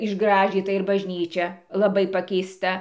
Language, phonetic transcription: Lithuanian, išˈgražyta ir bažˈnyčia laˈbai pakeisˈta

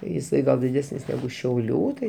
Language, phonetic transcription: Lithuanian, jiˈsai ˈgal diˈdesnis neˈgu šiauˈlių tai

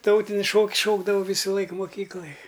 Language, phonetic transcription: Lithuanian, ˈtautinis ˈšoks ˈšokdavau ˈvysulaik moˈkyklaj

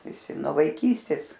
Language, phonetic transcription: Lithuanian, viˈsi nuo vaiˈkystės

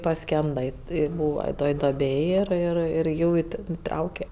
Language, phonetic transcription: Lithuanian, paˈskenda ˈi i ˈbūva ˈtoj ˈdoˈbėj ˈir ˈir ir ˈjų i ˈten iˈtrauke

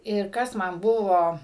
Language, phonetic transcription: Lithuanian, ir ˈkas ˈman ˈbuvo

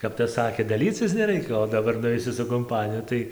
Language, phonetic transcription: Lithuanian, kap ˈtas ˈsakė daˈlycis neˈraikia o daˈbar nuˈveisi su kumˈpaniju ˈtai

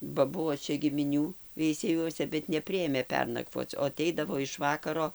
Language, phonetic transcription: Lithuanian, ba ˈbuo ˈčia gimiˈnių veiseˈjuose bet neˈpriėmė ˈpernakvoc o aˈteidavo iš ˈvakaro

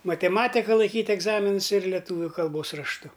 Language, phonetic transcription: Lithuanian, mateˈmatika laiˈkyt' egˈzaminus ir leˈtūviu kalˈbos rašˈtu

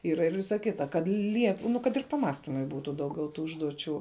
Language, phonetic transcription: Lithuanian, ˈyra ir ˈvisa ˈkita kad ˈliek nu kad ir paˈmąstimui ˈbūtu ˈdaugiau ˈtų ˈužduočių

